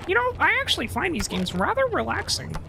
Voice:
Silly Voice